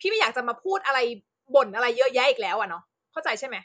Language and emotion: Thai, angry